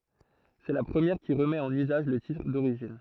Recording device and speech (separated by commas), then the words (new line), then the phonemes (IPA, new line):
throat microphone, read sentence
C'est la première qui remet en usage le titre d'origine.
sɛ la pʁəmjɛʁ ki ʁəmɛt ɑ̃n yzaʒ lə titʁ doʁiʒin